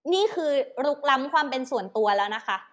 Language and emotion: Thai, angry